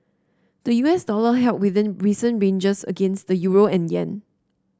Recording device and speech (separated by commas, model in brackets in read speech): standing microphone (AKG C214), read sentence